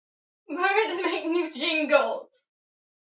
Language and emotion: English, sad